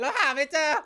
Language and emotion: Thai, happy